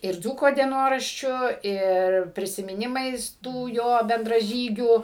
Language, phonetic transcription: Lithuanian, ir ˈdzūko dieˈnoraščiu ˈir prisimiˈnimais ˈtų ˈjo bendraˈžygių

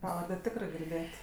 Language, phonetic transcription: Lithuanian, ˈpavarde ˈtikrɜ girˈdėt

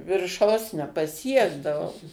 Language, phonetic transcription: Lithuanian, virˈšaus nepaˈsiekdavau

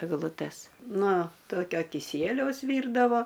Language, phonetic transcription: Lithuanian, egluˈtes ˈno ˈtokio kiˈsieliaus ˈvyrdavo

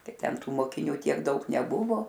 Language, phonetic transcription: Lithuanian, ˈtai ˈten ˈtų mokiˈniu tiek ˈdaug neˈbuvo

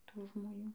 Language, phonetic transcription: Lithuanian, ˈtų žmoˈnių

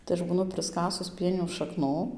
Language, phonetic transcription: Lithuanian, tai ˈaš būˈnu prɨsˈkasus ˈpienių šaˈknų

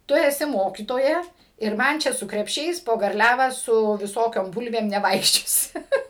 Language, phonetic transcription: Lithuanian, ˈtu eˈsi ˈmokytoja ir ˈman čia su krepˈšiais po garˈliavą su viˈsokiom ˈbulvėm neˈvaikščiosi

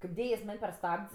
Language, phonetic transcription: Lithuanian, kaip ˈdėja jis ˈman' per ˈstabd's'

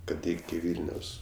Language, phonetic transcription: Lithuanian, ˈkad ˈiki ˈvylnios

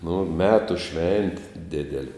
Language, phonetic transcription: Lithuanian, nu ˈmetu ˈšventi ˈdideli

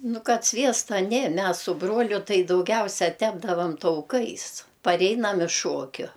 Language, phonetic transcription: Lithuanian, ˈnu ˈkad ˈsviesta ˈnė ˈmes su ˈbruoliu ˈtai dauˈgiausia ˈtepdavam tauˈkais paˈreinam iš ˈšuokiu

